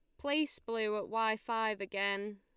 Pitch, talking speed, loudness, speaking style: 220 Hz, 165 wpm, -35 LUFS, Lombard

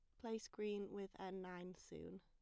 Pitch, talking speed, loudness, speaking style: 195 Hz, 180 wpm, -50 LUFS, plain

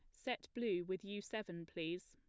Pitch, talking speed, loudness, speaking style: 185 Hz, 190 wpm, -44 LUFS, plain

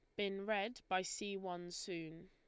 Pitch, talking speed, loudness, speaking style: 185 Hz, 175 wpm, -42 LUFS, Lombard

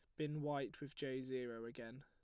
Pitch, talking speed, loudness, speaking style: 135 Hz, 200 wpm, -46 LUFS, plain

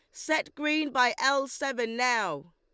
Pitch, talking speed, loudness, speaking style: 270 Hz, 155 wpm, -28 LUFS, Lombard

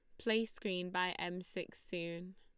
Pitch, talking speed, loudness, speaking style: 180 Hz, 165 wpm, -40 LUFS, Lombard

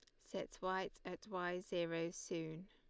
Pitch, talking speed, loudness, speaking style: 175 Hz, 145 wpm, -44 LUFS, Lombard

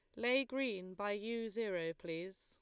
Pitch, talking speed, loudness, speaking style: 205 Hz, 165 wpm, -40 LUFS, Lombard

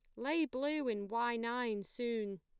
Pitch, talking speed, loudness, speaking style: 235 Hz, 165 wpm, -38 LUFS, plain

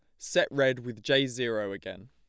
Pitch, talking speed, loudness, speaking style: 120 Hz, 190 wpm, -28 LUFS, plain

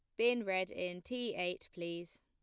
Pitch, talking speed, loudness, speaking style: 185 Hz, 180 wpm, -38 LUFS, plain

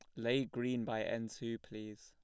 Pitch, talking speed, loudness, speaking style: 115 Hz, 195 wpm, -39 LUFS, plain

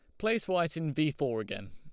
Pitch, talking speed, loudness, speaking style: 155 Hz, 235 wpm, -32 LUFS, Lombard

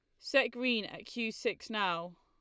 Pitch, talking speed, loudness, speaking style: 230 Hz, 180 wpm, -34 LUFS, Lombard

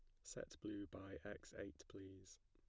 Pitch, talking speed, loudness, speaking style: 95 Hz, 170 wpm, -54 LUFS, plain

